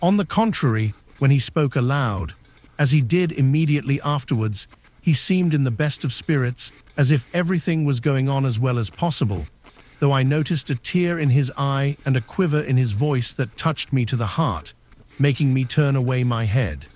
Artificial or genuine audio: artificial